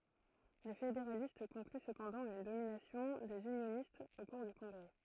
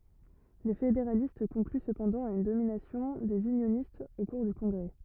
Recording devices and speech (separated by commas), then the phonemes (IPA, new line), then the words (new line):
throat microphone, rigid in-ear microphone, read sentence
le fedeʁalist kɔ̃kly səpɑ̃dɑ̃ a yn dominasjɔ̃ dez ynjonistz o kuʁ dy kɔ̃ɡʁɛ
Les fédéralistes concluent cependant à une domination des unionistes au cours du Congrès.